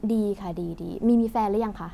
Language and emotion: Thai, neutral